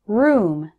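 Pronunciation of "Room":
'Room' is said with the long oo sound, as in 'food', not the shorter vowel of 'good'.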